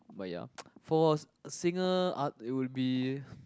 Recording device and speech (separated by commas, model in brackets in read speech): close-talking microphone, conversation in the same room